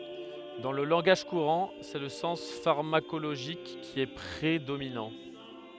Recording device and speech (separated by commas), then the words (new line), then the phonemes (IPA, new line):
headset microphone, read sentence
Dans le langage courant, c'est le sens pharmacologique qui est prédominant.
dɑ̃ lə lɑ̃ɡaʒ kuʁɑ̃ sɛ lə sɑ̃s faʁmakoloʒik ki ɛ pʁedominɑ̃